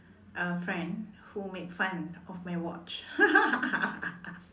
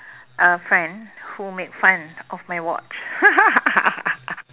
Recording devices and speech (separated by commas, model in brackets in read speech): standing microphone, telephone, conversation in separate rooms